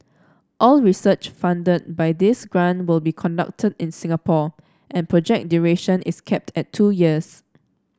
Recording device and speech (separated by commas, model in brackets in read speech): standing microphone (AKG C214), read sentence